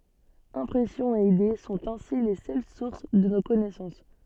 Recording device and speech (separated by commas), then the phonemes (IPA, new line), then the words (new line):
soft in-ear microphone, read sentence
ɛ̃pʁɛsjɔ̃z e ide sɔ̃t ɛ̃si le sœl suʁs də no kɔnɛsɑ̃s
Impressions et idées sont ainsi les seules sources de nos connaissances.